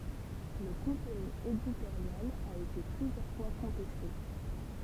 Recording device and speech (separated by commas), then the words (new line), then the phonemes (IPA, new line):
temple vibration pickup, read sentence
Le contenu éditorial a été plusieurs fois contesté.
lə kɔ̃tny editoʁjal a ete plyzjœʁ fwa kɔ̃tɛste